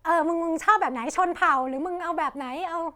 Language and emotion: Thai, happy